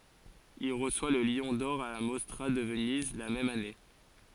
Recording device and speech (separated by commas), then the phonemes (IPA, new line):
forehead accelerometer, read sentence
il ʁəswa lə ljɔ̃ dɔʁ a la mɔstʁa də vəniz la mɛm ane